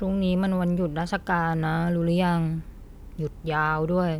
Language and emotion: Thai, frustrated